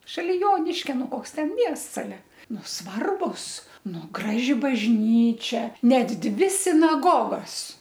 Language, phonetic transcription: Lithuanian, šaˈli ˈjoniškia ˈnu ˈkoks ˈten ˈmiests aˈle ˈnu ˈsvarbus ˈnu ˈgraži bažˈnyčia ˈnet ˈdvi sinaˈgogos

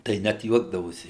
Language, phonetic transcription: Lithuanian, tai ˈnæt ˈjuokdavosi

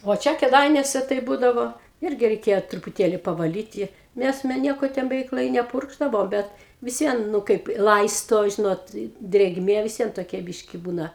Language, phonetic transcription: Lithuanian, vo ˈčia kėˈdainiuose tai ˈbūdavo ˈirgi reiˈkėjo trupuˈtėli pavaˈlyti ˈnes me ˈnieko ˈten beˈveik lai neˈpurkšdavo ˈbet vis ˈvien ˈnu kaip i ˈlaisto ˈžinot i drėgˈmė vis ˈvien toˈkia ˈbiški ˈbūna

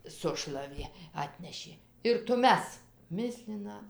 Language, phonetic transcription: Lithuanian, ˈsušlavė ˈatnešė ir tuˈmes ˈmislina

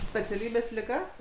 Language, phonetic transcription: Lithuanian, speciaˈlybės liˈga

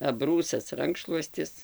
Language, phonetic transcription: Lithuanian, aˈbrūsas ˈrankšluostis

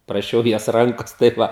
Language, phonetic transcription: Lithuanian, praˈšiau jos ˈrankos tai ˈva

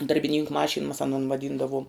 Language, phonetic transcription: Lithuanian, darbiˈnynku ˈmašin mas aˈnon vaˈdyndavom

